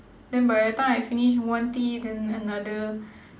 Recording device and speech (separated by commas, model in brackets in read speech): standing microphone, conversation in separate rooms